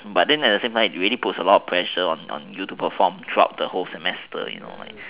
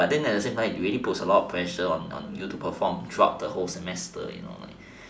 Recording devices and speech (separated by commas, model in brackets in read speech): telephone, standing microphone, conversation in separate rooms